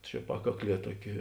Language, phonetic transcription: Lithuanian, čia ˈpakakˌlie ˈtuoˌki

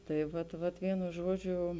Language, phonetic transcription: Lithuanian, tai ˈvat ˈvat ˈvienu ˈžuoˌdžiu

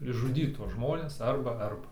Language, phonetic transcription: Lithuanian, išžuˈdyt tuos ˈžmones ˈarba ˈarba

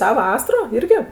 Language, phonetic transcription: Lithuanian, ˈtą ˈvasaro ˈirgi

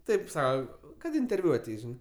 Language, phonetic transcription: Lithuanian, ˈtaip ˈsau kad interˈviu aˈteis ˈžinɜ

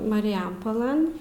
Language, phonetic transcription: Lithuanian, marijampoˈlɘn

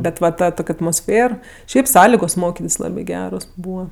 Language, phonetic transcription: Lithuanian, ˈbet va ˈta ˈtok' atmosˈfėr ˈšiaip ˈsąligos ˈmokitis ˈlabi ˈgeros ˈbūva

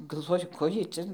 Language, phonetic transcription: Lithuanian, galˈvoju ˈko ˈjiej ˈcia

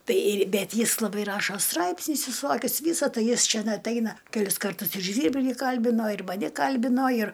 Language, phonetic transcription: Lithuanian, ˈtai ir ˈbet ˈjis laˈbai ˈrašo ˈstraipsnius viˈsokius ˈvysa ˈtai ˈjis ˈčæn atˈeina keˈlis karˈtus ir ˈžvyrbli ˈkalbino ir maˈni ˈkalbino ir

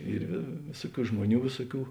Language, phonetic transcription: Lithuanian, ˈyr vė ˈvėsuoˌkių ˈžmuoˌnių ˈvėsuoˌkių

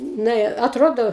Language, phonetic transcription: Lithuanian, ˈna i atˈrodo

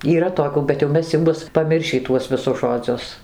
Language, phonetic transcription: Lithuanian, yˈra toˈkių bet jau ˈmes jau ˈbus paˈmiršį ˈtuos viˈsus žoˈdzius

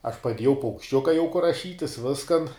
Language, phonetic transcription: Lithuanian, aš paˈdiejau paukšˈčiuka jau kur raˈšytis ˈviskan

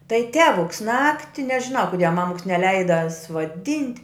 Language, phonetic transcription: Lithuanian, tai ˈtevuks ˈnakti nežiˈnau kuˈdie ˈmamuks neˈleida suoˈdint'

